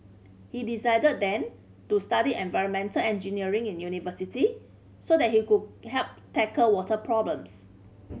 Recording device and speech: mobile phone (Samsung C5010), read sentence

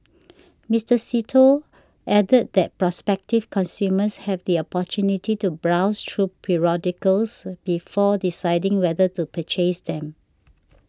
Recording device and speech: standing microphone (AKG C214), read sentence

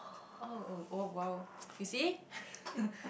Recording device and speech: boundary microphone, conversation in the same room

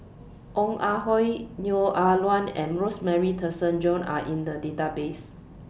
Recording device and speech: boundary microphone (BM630), read sentence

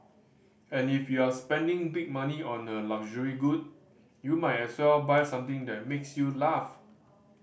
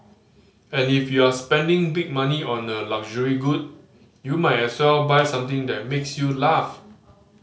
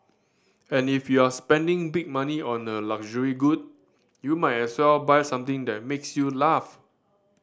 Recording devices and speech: boundary microphone (BM630), mobile phone (Samsung C5010), standing microphone (AKG C214), read sentence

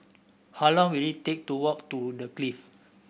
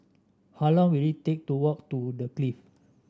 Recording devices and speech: boundary microphone (BM630), standing microphone (AKG C214), read sentence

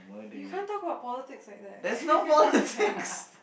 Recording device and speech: boundary microphone, conversation in the same room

